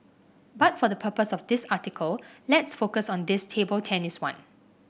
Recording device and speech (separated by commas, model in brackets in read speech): boundary microphone (BM630), read sentence